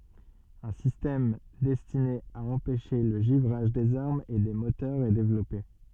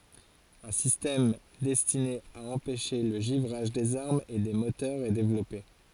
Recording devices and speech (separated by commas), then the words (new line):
soft in-ear microphone, forehead accelerometer, read sentence
Un système destiné à empêcher le givrage des armes et des moteurs est développé.